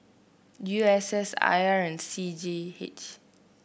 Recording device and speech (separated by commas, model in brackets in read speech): boundary microphone (BM630), read sentence